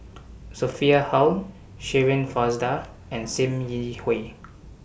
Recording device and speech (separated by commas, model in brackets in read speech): boundary microphone (BM630), read sentence